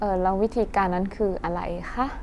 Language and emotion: Thai, neutral